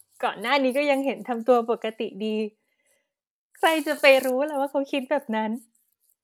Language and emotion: Thai, happy